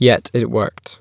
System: none